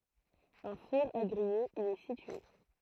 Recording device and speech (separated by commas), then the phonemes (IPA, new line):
throat microphone, read sentence
œ̃ fuʁ a ɡʁije i ɛ sitye